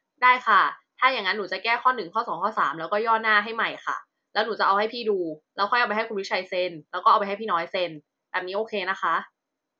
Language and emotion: Thai, frustrated